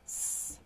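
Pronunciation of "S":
This is the s sound, said like a snake.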